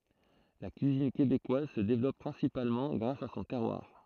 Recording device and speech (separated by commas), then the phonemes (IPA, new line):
throat microphone, read sentence
la kyizin kebekwaz sə devlɔp pʁɛ̃sipalmɑ̃ ɡʁas a sɔ̃ tɛʁwaʁ